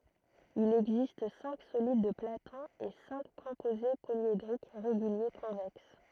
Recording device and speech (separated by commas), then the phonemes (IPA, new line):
throat microphone, read sentence
il ɛɡzist sɛ̃k solid də platɔ̃ e sɛ̃k kɔ̃poze poljedʁik ʁeɡylje kɔ̃vɛks